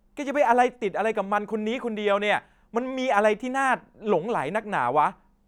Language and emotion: Thai, angry